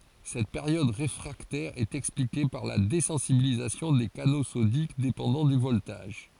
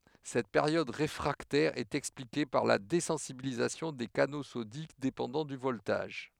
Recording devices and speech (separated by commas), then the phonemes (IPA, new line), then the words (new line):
forehead accelerometer, headset microphone, read sentence
sɛt peʁjɔd ʁefʁaktɛʁ ɛt ɛksplike paʁ la dezɑ̃sibilizasjɔ̃ de kano sodik depɑ̃dɑ̃ dy vɔltaʒ
Cette période réfractaire est expliquée par la désensibilisation des canaux sodiques dépendant du voltage.